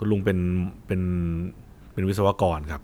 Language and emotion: Thai, neutral